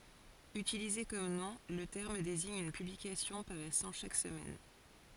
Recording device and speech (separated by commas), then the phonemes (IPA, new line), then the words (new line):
forehead accelerometer, read sentence
ytilize kɔm nɔ̃ lə tɛʁm deziɲ yn pyblikasjɔ̃ paʁɛsɑ̃ ʃak səmɛn
Utilisé comme nom, le terme désigne une publication paraissant chaque semaine.